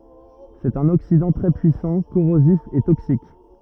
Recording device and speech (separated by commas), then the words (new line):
rigid in-ear microphone, read sentence
C'est un oxydant très puissant, corrosif et toxique.